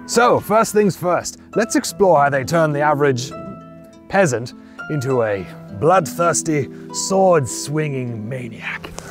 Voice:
knightly voice